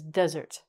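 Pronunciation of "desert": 'Desert' is said as the noun, with the stress on the first syllable. It has two syllables.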